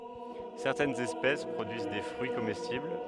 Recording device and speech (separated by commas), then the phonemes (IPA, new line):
headset microphone, read sentence
sɛʁtɛnz ɛspɛs pʁodyiz de fʁyi komɛstibl